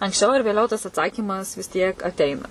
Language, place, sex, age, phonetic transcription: Lithuanian, Suvalkija, female, 18-60, anksˈčiau ar vėˈliau tas atˈsakymas vis ˈtiek atˈeina

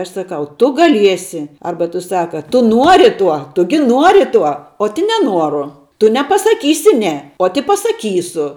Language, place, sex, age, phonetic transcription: Lithuanian, Žemaitija, female, 18-60, ˈaš saˈkau ˈtu gaˈliesi ˈarba tu ˈsaka ˈtu ˈnuori ˈtuo ˈtu gi ˈnuori ˈtuo ot i neˈnuoru ˈtu nepasaˈkysi ˈne ot i pasaˈkysu

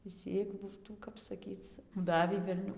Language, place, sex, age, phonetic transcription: Lithuanian, Dzūkija, female, 18-60, išˈsyk ˈbūtų ˈkap saˈkyc ˈdavį velˈniu

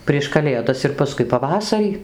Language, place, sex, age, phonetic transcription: Lithuanian, Dzūkija, female, 60+, prieš kaˈlėdas ir paˈskui paˈvasarį

